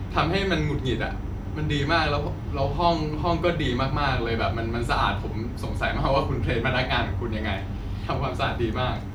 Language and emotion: Thai, happy